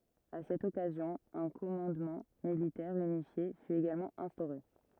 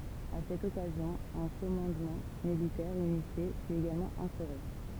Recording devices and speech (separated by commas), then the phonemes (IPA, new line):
rigid in-ear microphone, temple vibration pickup, read sentence
a sɛt ɔkazjɔ̃ œ̃ kɔmɑ̃dmɑ̃ militɛʁ ynifje fy eɡalmɑ̃ ɛ̃stoʁe